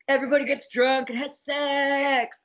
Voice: weird, silly voice